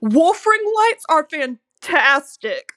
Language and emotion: English, disgusted